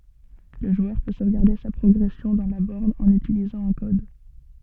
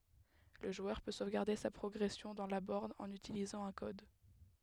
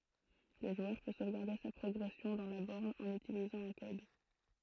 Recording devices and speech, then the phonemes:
soft in-ear microphone, headset microphone, throat microphone, read sentence
lə ʒwœʁ pø sovɡaʁde sa pʁɔɡʁɛsjɔ̃ dɑ̃ la bɔʁn ɑ̃n ytilizɑ̃ œ̃ kɔd

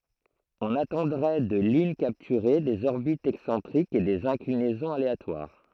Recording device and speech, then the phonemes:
throat microphone, read sentence
ɔ̃n atɑ̃dʁɛ də lyn kaptyʁe dez ɔʁbitz ɛksɑ̃tʁikz e dez ɛ̃klinɛzɔ̃z aleatwaʁ

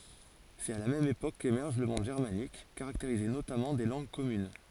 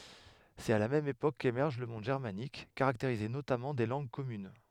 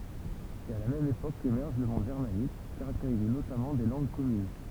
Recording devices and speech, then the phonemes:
forehead accelerometer, headset microphone, temple vibration pickup, read sentence
sɛt a la mɛm epok kemɛʁʒ lə mɔ̃d ʒɛʁmanik kaʁakteʁize notamɑ̃ de lɑ̃ɡ kɔmyn

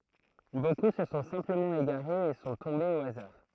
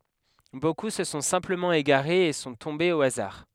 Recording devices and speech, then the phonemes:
throat microphone, headset microphone, read sentence
boku sə sɔ̃ sɛ̃pləmɑ̃ eɡaʁez e sɔ̃ tɔ̃bez o azaʁ

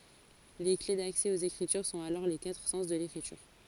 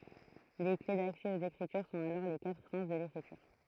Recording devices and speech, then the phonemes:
forehead accelerometer, throat microphone, read sentence
le kle daksɛ oz ekʁityʁ sɔ̃t alɔʁ le katʁ sɑ̃s də lekʁityʁ

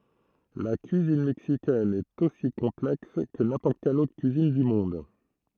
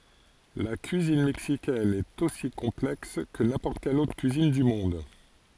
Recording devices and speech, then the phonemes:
throat microphone, forehead accelerometer, read sentence
la kyizin mɛksikɛn ɛt osi kɔ̃plɛks kə nɛ̃pɔʁt kɛl otʁ kyizin dy mɔ̃d

